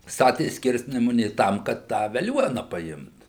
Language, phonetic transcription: Lithuanian, ˈstatė ˈskirsnemunė ˈtam kad tą veˈliuona paˈimt

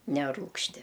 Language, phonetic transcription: Lithuanian, neˈrūgšti

